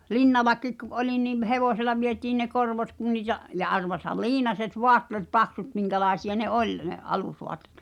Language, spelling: Finnish, Linnallakin kun olin niin hevosella vietiin ne korvot kun niitä ja arvaathan liinaset vaatteet paksut minkälaisia ne oli ne alusvaatteet
- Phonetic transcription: Linnalakik ku’ '’olin ni(m) 'hevosela vietiin ne 'korvot kun niitä , ja arvoathal "liinaset "voattèt 'paksut 'miŋkälaesi₍a ne "’oĺ , ne '’alusvoat̆tᴇ̳t .

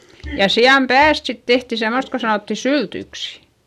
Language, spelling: Finnish, ja sian päästä sitten tehtiin semmoista kun sanottiin syltyksi
- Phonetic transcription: ja si₍am pääst sit tehti semost ko sanòtti syltyksI .

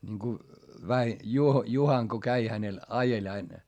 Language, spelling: Finnish, niin kun - Juho Juhana kun kävi hänellä ajeli aina
- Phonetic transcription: ńiŋku , Väi- , Juho , Juhaŋ ko käi hänel , ajeĺ ‿ain .

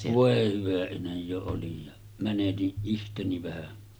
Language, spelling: Finnish, voi hyvä ihme jo olin ja menetin itseni vähän
- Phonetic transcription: 'vòe hyvä ihmej 'jo 'olij ja , 'mäneti’ '’ihteni vähä .

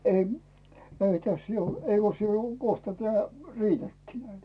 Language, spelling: Finnish, - ei tässä - eikös se jo kohta tämä riitäkin näitä
- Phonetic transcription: e- , 'ei täs 'jou- , 'eikös se jo , kohta teää , "riitäkkii näitä .

